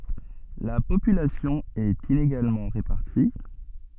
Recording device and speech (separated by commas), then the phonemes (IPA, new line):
soft in-ear microphone, read sentence
la popylasjɔ̃ ɛt ineɡalmɑ̃ ʁepaʁti